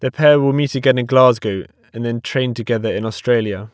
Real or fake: real